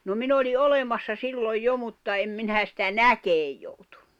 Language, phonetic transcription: Finnish, no 'min ‿oli "’olemassa 'silloj "jo mutta 'em minä sitä "näkeej joutᴜɴɴᴜ .
- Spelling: no minä olin olemassa silloin jo mutta en minä sitä näkemään joutunut

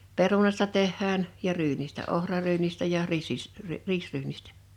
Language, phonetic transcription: Finnish, 'perunasta 'tehhään , ja 'ryynistä 'ohraryynistä ja 'riissis- , 'riisryynistᴀ̈ .
- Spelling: perunasta tehdään ja ryynistä ohraryynistä ja - riisiryynistä

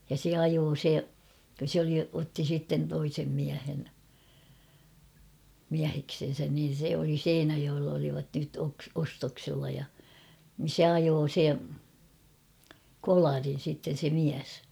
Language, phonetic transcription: Finnish, ja se 'ajoo 'se , sᵉ ‿oli , otti 'sitten 'toisem miähen , 'miäheksen̬sän niin̬ se oli "Seinäjoell ‿olivat nyt oks- 'ostoksilla ja , nin̬ "se ajoo 'se , "kolarin̬ sitten̬ se 'miäs .
- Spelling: ja se ajoi se se oli otti sitten toisen miehen mieheksensä niin se oli Seinäjoella olivat nyt - ostoksilla ja niin se ajoi se kolarin sitten se mies

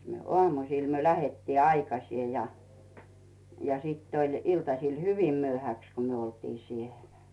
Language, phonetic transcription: Finnish, mites mie , 'ᵒamusìl myö "lähettii 'aikasie ja , ja 'sìtt ‿oĺ 'iltasil "hyvim 'myöhäks ko myö oltii 'sielᴀ̈ .
- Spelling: mitenkäs minä aamuisin me lähdettiin aikaisin ja ja sitten oli iltasilla hyvin myöhäksi kun me oltiin siellä

